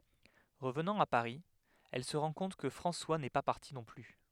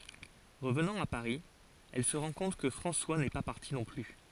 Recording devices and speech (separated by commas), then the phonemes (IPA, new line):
headset microphone, forehead accelerometer, read sentence
ʁəvnɑ̃ a paʁi ɛl sə ʁɑ̃ kɔ̃t kə fʁɑ̃swa nɛ pa paʁti nɔ̃ ply